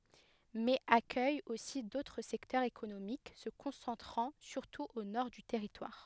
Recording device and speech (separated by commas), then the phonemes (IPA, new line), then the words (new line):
headset microphone, read sentence
mɛz akœj osi dotʁ sɛktœʁz ekonomik sə kɔ̃sɑ̃tʁɑ̃ syʁtu o nɔʁ dy tɛʁitwaʁ
Mais accueille aussi d'autres secteurs économiques se concentrant surtout au nord du territoire.